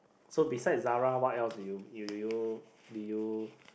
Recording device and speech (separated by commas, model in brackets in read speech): boundary microphone, conversation in the same room